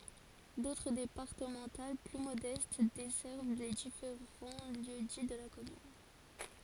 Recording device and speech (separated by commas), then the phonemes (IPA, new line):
forehead accelerometer, read sentence
dotʁ depaʁtəmɑ̃tal ply modɛst dɛsɛʁv le difeʁɑ̃ ljø di də la kɔmyn